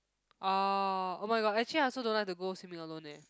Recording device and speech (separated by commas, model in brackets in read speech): close-talking microphone, conversation in the same room